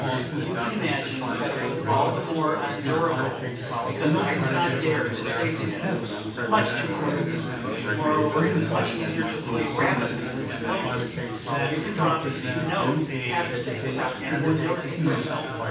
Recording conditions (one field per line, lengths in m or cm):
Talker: one person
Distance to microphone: 9.8 m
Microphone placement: far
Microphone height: 1.8 m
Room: large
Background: babble